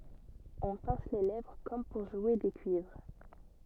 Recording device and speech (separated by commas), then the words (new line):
soft in-ear microphone, read sentence
On pince les lèvres comme pour jouer des cuivres.